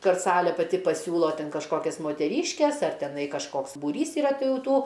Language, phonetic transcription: Lithuanian, ˈkad ˈsalė paˈti paˈsiūlo ˈten kažˈkokias moteˈryškes ˈar teˈnai kažˈkoks būˈrys yˈra ˈti ˈjau ˈtų

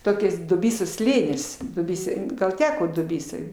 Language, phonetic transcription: Lithuanian, ˈtokias duˈbysos ˈslėnis duˈbysoj gal ˈteko duˈbysoj

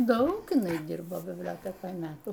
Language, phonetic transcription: Lithuanian, ˈdaug iˈnai ˈdirbo bibˈliotekoj ˈmetų

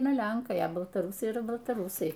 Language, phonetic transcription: Lithuanian, ˈaina ˈlenkai a baltaˈrusai yˈra baltaˈrusai

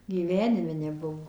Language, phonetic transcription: Lithuanian, gyˈvenime neˈbuvo

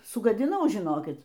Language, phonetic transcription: Lithuanian, sugadiˈnau žiˈnokit

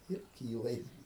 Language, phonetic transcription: Lithuanian, ir ˈkyla jis

